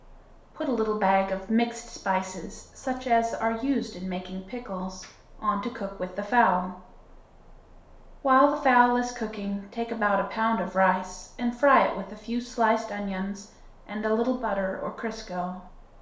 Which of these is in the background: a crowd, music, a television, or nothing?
Nothing.